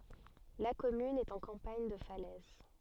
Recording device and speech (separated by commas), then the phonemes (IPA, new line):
soft in-ear microphone, read sentence
la kɔmyn ɛt ɑ̃ kɑ̃paɲ də falɛz